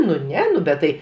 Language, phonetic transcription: Lithuanian, nu ˈne ˈnu bet ˈtai

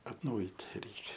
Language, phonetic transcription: Lithuanian, atˈnaujyt ˈreikia

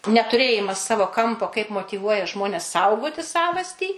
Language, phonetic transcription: Lithuanian, netuˈrėjimas ˈsavo ˈkampo kaip motyˈvuoja ˈžmones ˈsaugoti ˈsavastį

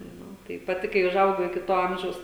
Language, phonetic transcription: Lithuanian, ˈnu tai paˈti kai užˈaugau iki ˈto ˈamžiaus

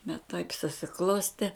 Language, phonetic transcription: Lithuanian, bet taip susiˈklostė

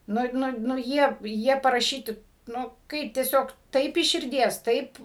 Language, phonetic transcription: Lithuanian, ˈnu ˈnu nu ˈjie ˈjie paraˈšyti ˈnu ˈkaip tieˈsiog ˈtaip iš širˈdies ˈtaip

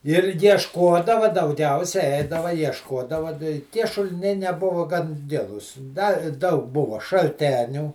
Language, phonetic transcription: Lithuanian, ir jiešˈkodava dauˈgiausia ˈeidava jiešˈkodava da i tie šuliˈniai neˈbuva gan ˈgilūs da ˈdaug ˈbuva šalˈtenių

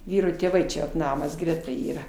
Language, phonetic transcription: Lithuanian, ˈvyro tėˈvai čia vat ˈnamas ˈgreta ˈyra

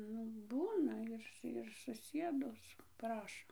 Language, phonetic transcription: Lithuanian, ˈnu ˈbūna ir ir suˈsiedus ˈprašo

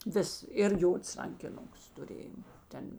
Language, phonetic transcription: Lithuanian, ˈvis ir ˈjods rankiˈnuks tuˈrėjo ˈten

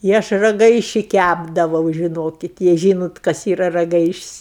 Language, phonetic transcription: Lithuanian, i ˈaš raˈgaiši ˈkæpdavau žiˈnokit jei ˈžynot kas ˈyra raˈgaišis'

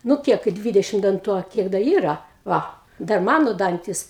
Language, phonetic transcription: Lithuanian, nu ˈkiek kai ˈdvidešim danˈtų a ˈkiek da ˈyra ˈva ˈdar ˈmano ˈdantis

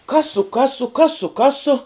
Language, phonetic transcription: Lithuanian, ˈkasu ˈkasu ˈkasu ˈkasu

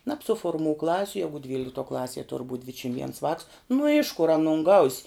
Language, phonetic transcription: Lithuanian, nabsuforˈmū ˈklasiu ˈjegu ˈdvyliktuo ˈklasie tur būt' ˈdvidšim viens vāks nu iš kur aˈnun gaus'

